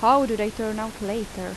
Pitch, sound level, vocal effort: 220 Hz, 84 dB SPL, normal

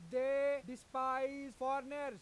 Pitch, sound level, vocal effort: 265 Hz, 102 dB SPL, very loud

